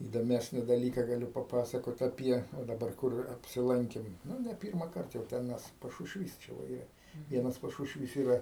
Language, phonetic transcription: Lithuanian, įdoˈmesni daˈlyka gaˈliu paˈpasakot aˈpie o daˈbar ˈkur apsiˈlankim ˈnu ne ˈpyrmakart jau ˈten mes pašušˈvys čia va ˈyra ˈvienas pašušˈvys ˈyra

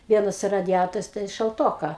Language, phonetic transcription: Lithuanian, ˈvienas radiˈjatorius ten šalˈtoka

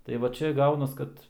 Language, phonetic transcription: Lithuanian, tai ˈva ˈčia ˈgaunas ˈkad

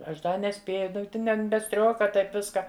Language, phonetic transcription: Lithuanian, ˈaš ˈda neˈspėju ˈtin en be ˈstrioka ˈtaip ˈviska

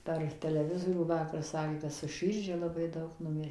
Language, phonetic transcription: Lithuanian, per teleˈvizorių ˈvakar ˈsakė kad su ˈširdžia laˈbai ˈdaug nuˈmirę

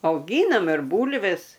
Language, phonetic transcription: Lithuanian, auˈgynam ir ˈbūlves

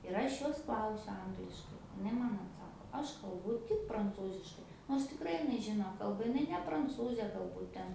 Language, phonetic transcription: Lithuanian, ir ˈaš ˈjos ˈklausiu ˈangliškai iˈnai ˈman atˈsako ˈaš kalˈbu tik pranˈcūziškai nors tikˈrai iˈnai ˈžino ˈkalba iˈnai ne pranˈcūzė galˈbūt ˈten

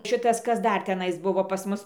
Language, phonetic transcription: Lithuanian, ˈšitas ˈkas ˈdar teˈnais ˈbuvo pas ˈmus

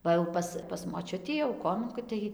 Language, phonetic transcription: Lithuanian, ˈva jau ˈpas pas moˈčiutį jau ˈkomenkoj tai

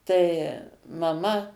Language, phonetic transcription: Lithuanian, tai maˈma

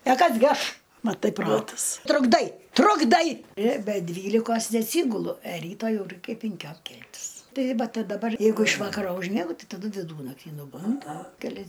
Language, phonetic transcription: Lithuanian, pe ˈkas gi ˈaš maˈtai ˈprotas trukˈdai trukˈdai ir be ˈdvylikos neatˈsygulu e ˈryta ˈjau ˈraikia pinˈkiom ˈkeltis ˈtai ˈva ta daˈbar ˈjeigu iš ˈvakaro užˈmiegu ˈtai taˈdu viˈdūnakty nuˈbundu keˈlias

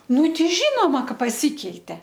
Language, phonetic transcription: Lithuanian, ˈnu ˈtei ˈžynoma ˈka paˈsykeite

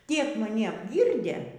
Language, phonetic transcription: Lithuanian, ˈtiek maˈni apˈgyrdė

